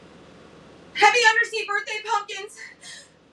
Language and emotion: English, fearful